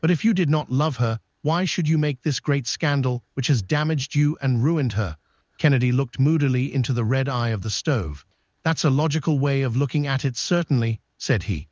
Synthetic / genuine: synthetic